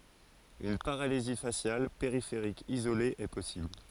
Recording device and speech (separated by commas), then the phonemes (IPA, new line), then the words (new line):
forehead accelerometer, read sentence
yn paʁalizi fasjal peʁifeʁik izole ɛ pɔsibl
Une paralysie faciale périphérique isolée est possible.